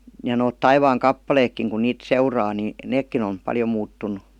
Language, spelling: Finnish, ja nuo taivaankappaleetkin kun niitä seuraa niin nekin on paljon muuttunut
- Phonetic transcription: ja noot 'taivaaŋ"kappaleekkiŋ kun 'niit "seuraa ni , "neekkin on̬ , 'paljo 'muuttun̆nu .

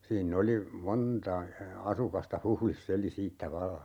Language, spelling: Finnish, siinä oli monta asukasta Huhdissa eli siitä vallan
- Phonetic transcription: 'siin'n ‿oli , 'monta , 'asukasta "Huhlis's ‿eli 'siittä 'valla .

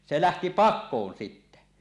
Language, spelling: Finnish, se lähti pakoon sitten
- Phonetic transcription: 'se 'lähti "pak̆koon 'sittä .

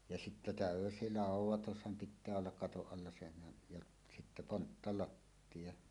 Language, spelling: Finnish, ja sitten täysi laudoitushan pitää olla katon alla senhän ja sitten ponttalattia
- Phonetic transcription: ja sittä "tä̀ösi "làuw̆wotusham 'pit̆tää ollak "katoˀ 'ˀalla senhän , jaˀ , sittä 'ponttalattiʲa .

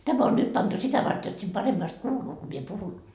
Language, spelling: Finnish, tämä on nyt pantu sitä varten jotta sitten paremmasti kuuluu kun minä puhun
- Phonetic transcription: 'täm ‿on nyt pantu 'sitä vart jot sit 'paremmast "kuuluu ko mie 'puhun .

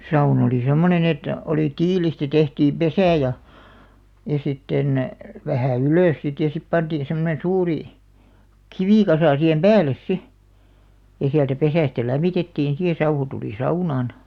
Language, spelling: Finnish, sauna oli semmoinen että oli tiilistä tehtiin pesä ja ja sitten vähän ylös sitten ja sitten pantiin semmoinen suuri kivikasa siihen päälle sitten ja sieltä pesästä lämmitettiin sitten ja sauhu tuli saunaan
- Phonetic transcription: 'saun ‿olì 'semmonen ‿et , olì "tiilistä tehtiim "pesä̀ ja , ja 'sitten , 'vähä̀ 'ylö̀s sit ja sip pantiin̬ semmonen̬ 'suuri , "kivikasà sihem "pääl̆les 'si , ja siältä 'pesä̀stä "läm̆mitettiin si ja 'sauhu tuli "saunàn .

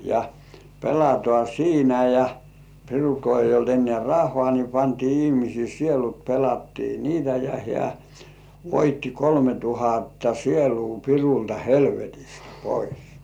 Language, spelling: Finnish, ja pelataan siinä ja pirulla kun ei ollut enää rahaa niin pantiin ihmisten sielut pelattiin niitä ja hän voitti kolme tuhatta sielua pirulta helvetistä pois
- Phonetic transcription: ja , 'pelatŏà "siinä ja , pirul ko eij̆j ‿olt ennĕä̀ "rah̆hŏà ni pantii 'ihmisii "sielut pelattii "niitä ja hĕä̀ , "voitti 'kolme tuhatta "sieluu 'pirulta "helvetist "pois .

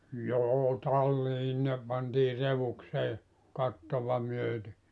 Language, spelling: Finnish, joo talliin ne pantiin redukseen kattoa myöten
- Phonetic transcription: 'joo 'tallii ne pantii 'revuksee , 'kattova myöte .

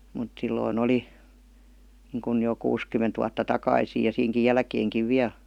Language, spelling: Finnish, mutta silloin oli niin kuin jo kuusikymmentä vuotta takaisin ja siinäkin jälkeenkin vielä
- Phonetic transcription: mut silloi'n ‿oli , niiŋkun jo 'kuuskymment vuatta "takaisii ja 'siiŋki "jälkeeŋkiv "viäˡ .

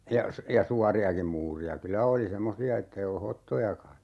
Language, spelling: Finnish, ja - ja suoriakin muureja kyllä oli semmoisia että ei ollut hottojakaan
- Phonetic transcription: 'ja , sᵘ - ja "suari₍akiᵐ 'muuri₍a "kylä oli 'semmosi₍a 'ettei olu "hottojaka .

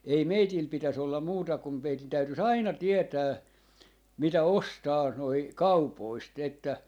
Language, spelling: Finnish, ei meillä pitäisi olla muuta kun meidän täytyisi aina tietää mitä ostaa nuo kaupoista että
- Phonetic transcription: 'ei "meitil 'pitäs 'ollam 'muuta kum 'meitin 'täytys "aina 'tietää , 'mitä "ostaa , 'noi "kaupoist että , .

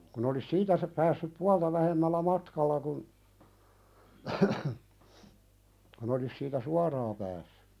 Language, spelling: Finnish, kun olisi siitä - päässyt puolta vähemmällä matkalla kun kun olisi siitä suoraan päässyt
- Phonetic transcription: kun ‿olis 'siitä sa- , päässyp "pualta vähemmällä 'matkalla kun , kun ‿olis siitä "suaraa päässʏ .

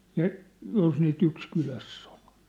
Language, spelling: Finnish, ja jos niitä yksi kylässä oli
- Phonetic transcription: ja , jos nii't ‿yks 'kyläss ‿ᴏʟ .

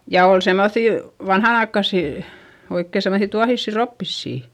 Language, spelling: Finnish, ja oli semmoisia vanhanaikaisia oikein semmoisia tuohisia roppisia
- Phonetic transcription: ja ol semmoϑì , vanhanaikkasì , oikke semmosi tuahissi roppissì .

